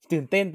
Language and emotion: Thai, happy